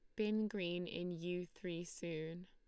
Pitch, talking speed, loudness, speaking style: 175 Hz, 160 wpm, -43 LUFS, Lombard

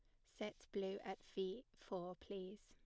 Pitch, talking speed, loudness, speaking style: 190 Hz, 150 wpm, -49 LUFS, plain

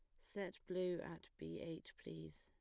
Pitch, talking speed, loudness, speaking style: 165 Hz, 165 wpm, -48 LUFS, plain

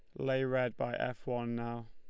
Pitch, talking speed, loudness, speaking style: 120 Hz, 215 wpm, -36 LUFS, Lombard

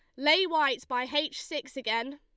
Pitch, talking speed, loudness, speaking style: 280 Hz, 185 wpm, -28 LUFS, Lombard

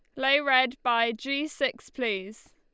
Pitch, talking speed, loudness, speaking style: 260 Hz, 155 wpm, -26 LUFS, Lombard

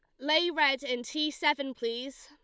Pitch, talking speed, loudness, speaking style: 280 Hz, 180 wpm, -29 LUFS, Lombard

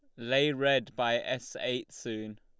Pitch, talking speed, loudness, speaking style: 125 Hz, 165 wpm, -31 LUFS, Lombard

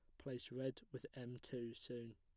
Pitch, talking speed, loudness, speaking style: 120 Hz, 185 wpm, -50 LUFS, plain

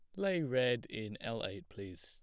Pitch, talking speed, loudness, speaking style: 115 Hz, 200 wpm, -37 LUFS, plain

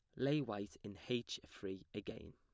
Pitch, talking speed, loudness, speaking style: 105 Hz, 170 wpm, -44 LUFS, plain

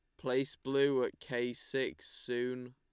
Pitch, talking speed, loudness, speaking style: 125 Hz, 140 wpm, -35 LUFS, Lombard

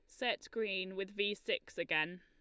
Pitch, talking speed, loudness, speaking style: 195 Hz, 180 wpm, -38 LUFS, Lombard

